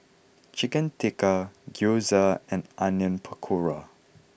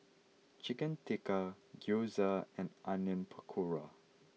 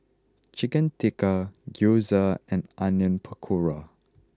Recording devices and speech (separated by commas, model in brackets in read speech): boundary microphone (BM630), mobile phone (iPhone 6), close-talking microphone (WH20), read sentence